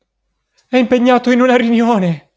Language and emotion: Italian, fearful